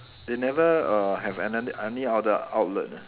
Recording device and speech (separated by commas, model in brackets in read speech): telephone, conversation in separate rooms